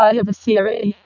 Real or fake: fake